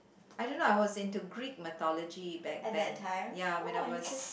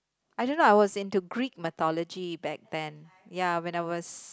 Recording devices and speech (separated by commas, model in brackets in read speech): boundary microphone, close-talking microphone, conversation in the same room